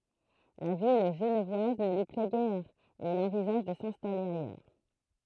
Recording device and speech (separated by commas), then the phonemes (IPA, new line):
throat microphone, read sentence
la vi ʒənvwaz nə lyi plɛ ɡɛʁ e il ɑ̃vizaʒ də sɛ̃stale ajœʁ